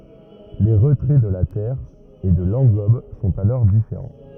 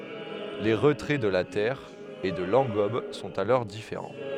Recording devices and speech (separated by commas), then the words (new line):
rigid in-ear microphone, headset microphone, read sentence
Les retraits de la terre et de l’engobe sont alors différents.